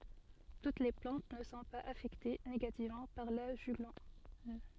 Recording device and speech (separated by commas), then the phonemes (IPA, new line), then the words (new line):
soft in-ear microphone, read sentence
tut le plɑ̃t nə sɔ̃ paz afɛkte neɡativmɑ̃ paʁ la ʒyɡlɔn
Toutes les plantes ne sont pas affectées négativement par la juglone.